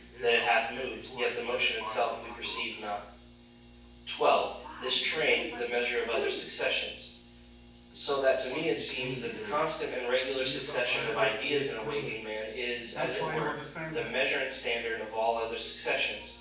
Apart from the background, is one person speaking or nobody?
One person.